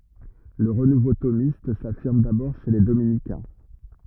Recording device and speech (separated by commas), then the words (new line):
rigid in-ear microphone, read sentence
Le renouveau thomiste s'affirme d'abord chez les dominicains.